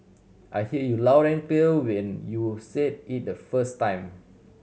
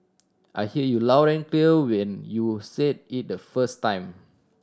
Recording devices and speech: mobile phone (Samsung C7100), standing microphone (AKG C214), read sentence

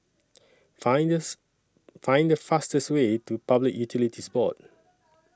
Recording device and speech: standing microphone (AKG C214), read sentence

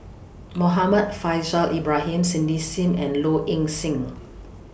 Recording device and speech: boundary microphone (BM630), read sentence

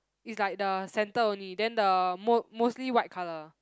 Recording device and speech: close-talking microphone, conversation in the same room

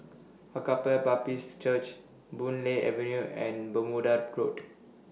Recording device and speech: mobile phone (iPhone 6), read sentence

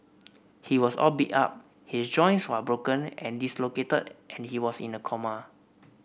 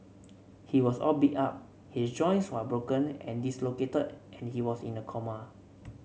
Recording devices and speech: boundary microphone (BM630), mobile phone (Samsung C7), read sentence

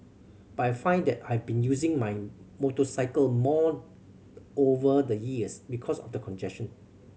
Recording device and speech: mobile phone (Samsung C7100), read sentence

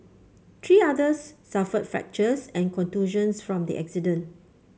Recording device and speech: mobile phone (Samsung C5), read sentence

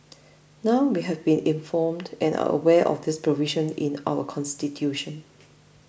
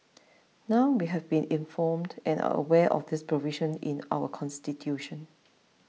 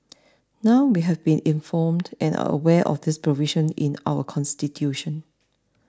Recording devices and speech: boundary microphone (BM630), mobile phone (iPhone 6), standing microphone (AKG C214), read sentence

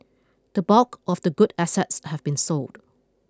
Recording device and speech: close-talking microphone (WH20), read sentence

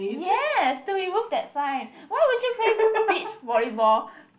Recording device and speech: boundary microphone, conversation in the same room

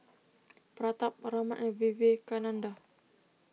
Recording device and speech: mobile phone (iPhone 6), read sentence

